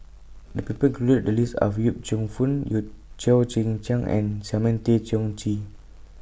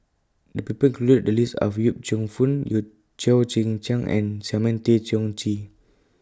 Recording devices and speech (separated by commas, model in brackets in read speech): boundary microphone (BM630), close-talking microphone (WH20), read sentence